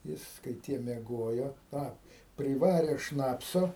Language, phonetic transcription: Lithuanian, ˈjis kai ˈtie mieˈgojo ˈtą priˈvarė ˈšnapso

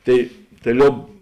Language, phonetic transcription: Lithuanian, ˈtai tai ˈliob

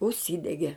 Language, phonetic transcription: Lithuanian, užˈsydege

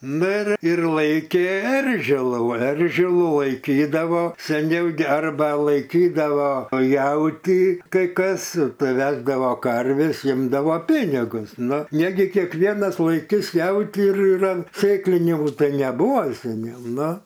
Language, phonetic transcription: Lithuanian, ˈnu ir ir ˈlaikė ˈeržilų ˈeržilų laiˈkydavo seˈniau gi ˈarba laiˈkydavo ˈjauti kai ˈkas ˈtai ˈvesdavo ˈkarvis ˈimdavo ˈpinigus nu ˈnegi kėkˈvėnas laiˈkis ˈjautį ir ir ant ˈsėklinių ˈtai neˈbūvo seˈniau ˈnu

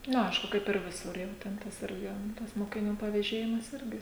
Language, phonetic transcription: Lithuanian, ˈnu ˈaišku kaip ir ˈvisur jau ten ˈtas ˈirgi tas mokiˈnių paveˈžėjimas ˈirgi

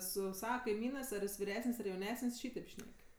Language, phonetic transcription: Lithuanian, ˈsu ˈsava kaiˈmynɜs ar ˈjis viˈresən's' ar jauˈnesən's' ˈšytėp ˈšnek'

